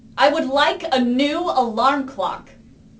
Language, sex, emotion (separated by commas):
English, female, angry